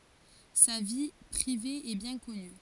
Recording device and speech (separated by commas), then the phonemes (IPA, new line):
forehead accelerometer, read sentence
sa vi pʁive ɛ bjɛ̃ kɔny